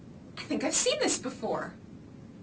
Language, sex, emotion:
English, female, happy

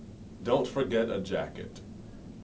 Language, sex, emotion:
English, male, neutral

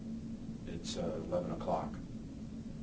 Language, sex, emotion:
English, male, neutral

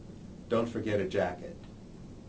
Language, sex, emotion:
English, male, neutral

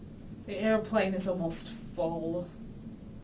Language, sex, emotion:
English, female, sad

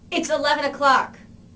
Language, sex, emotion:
English, female, angry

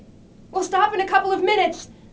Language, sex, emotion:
English, female, fearful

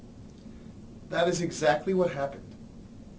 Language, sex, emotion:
English, male, neutral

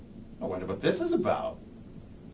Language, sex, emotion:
English, male, happy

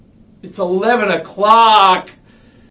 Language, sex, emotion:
English, male, angry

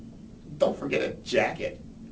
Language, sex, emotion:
English, male, angry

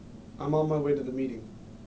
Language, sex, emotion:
English, male, neutral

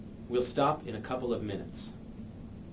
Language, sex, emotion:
English, male, neutral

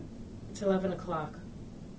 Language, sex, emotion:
English, female, neutral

